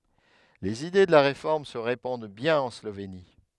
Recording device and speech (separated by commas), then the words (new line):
headset microphone, read sentence
Les idées de la Réforme se répandent bien en Slovénie.